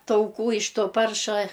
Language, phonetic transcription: Lithuanian, tauˈkų iš ˈto ˈparša

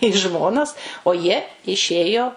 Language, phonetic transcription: Lithuanian, į ˈžmonas o ˈjie iˈšėjo

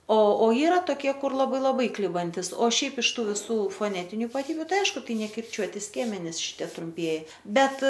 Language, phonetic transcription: Lithuanian, o o ˈyra toˈkie ˈkur laˈbai laˈbai ˈklibantis o ˈšiaip iš ˈtų viˈsų foˈnetiniu ipaˈtybiu ˈtai ˈaišku ˈtai nekirˈčiuoti ˈskiemenis ˈšitie trumˈpieji ˈbet

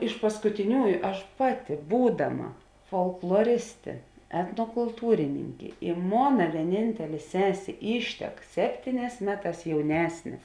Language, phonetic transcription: Lithuanian, iš paskutiˈniųju ˈaš ˈpaˌti ˈbūdaˌma folkloˈristė etnokulˈtūrininkė i ˈmona vieˈnintelė ˈsesė ˈyštek ˈseptyˌnēs ˈmeˌtās jauˈnesnė

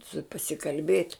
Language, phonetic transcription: Lithuanian, su pasikalˈbėt'

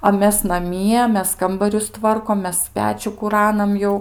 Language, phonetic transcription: Lithuanian, a ˈmes naˈmie ˈmes ˈkambarius ˈtvarkom ˈmes ˈpečių kuˈranam ˈjau

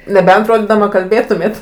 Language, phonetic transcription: Lithuanian, neˈbent ˈrodydama kalˈbėtumėt

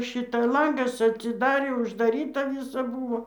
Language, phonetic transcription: Lithuanian, ˈšita ˈlangas atsiˈdarė uždaˈryta ˈvysa ˈbūvo

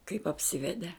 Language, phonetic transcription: Lithuanian, kaip apˈsivede

